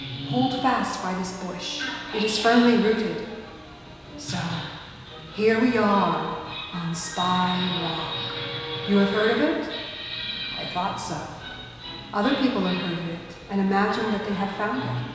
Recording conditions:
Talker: one person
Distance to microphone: 1.7 m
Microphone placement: close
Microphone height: 1.0 m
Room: very reverberant, large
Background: television

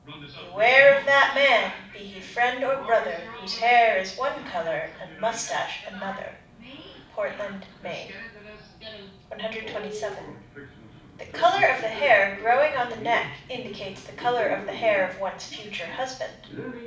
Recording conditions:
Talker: one person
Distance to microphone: 5.8 m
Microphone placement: far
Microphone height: 1.8 m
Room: medium-sized (5.7 m by 4.0 m)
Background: television

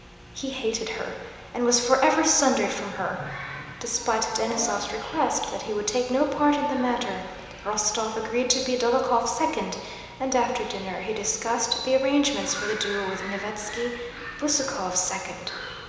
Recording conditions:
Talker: one person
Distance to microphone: 1.7 m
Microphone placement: close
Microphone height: 1.0 m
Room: very reverberant, large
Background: television

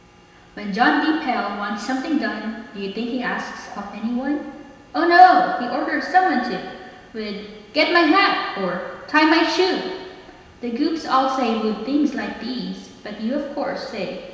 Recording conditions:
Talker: one person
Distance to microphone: 1.7 m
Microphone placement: close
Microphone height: 1.0 m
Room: very reverberant, large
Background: none

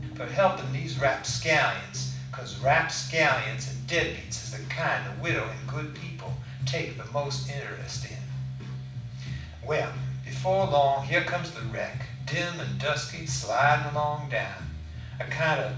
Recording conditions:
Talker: one person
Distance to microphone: 5.8 m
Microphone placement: far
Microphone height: 1.8 m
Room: medium-sized (5.7 m by 4.0 m)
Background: music

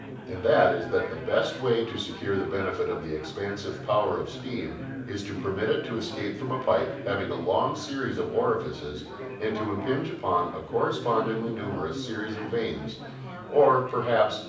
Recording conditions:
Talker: one person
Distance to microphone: 5.8 m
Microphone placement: far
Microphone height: 1.8 m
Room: medium-sized (5.7 m by 4.0 m)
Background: babble

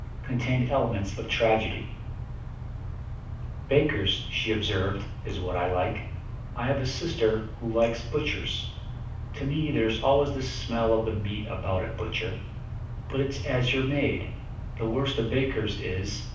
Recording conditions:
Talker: one person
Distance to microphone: 5.8 m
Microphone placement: far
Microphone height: 1.8 m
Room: medium-sized (5.7 m by 4.0 m)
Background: none

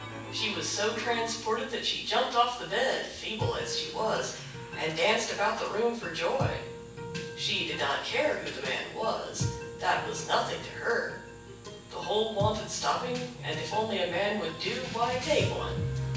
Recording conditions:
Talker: one person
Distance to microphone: 9.8 m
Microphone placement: far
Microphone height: 1.8 m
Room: large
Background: music

